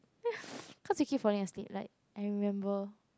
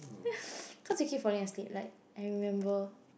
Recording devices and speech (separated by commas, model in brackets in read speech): close-talking microphone, boundary microphone, conversation in the same room